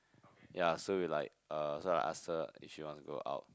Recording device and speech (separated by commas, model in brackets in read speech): close-talking microphone, conversation in the same room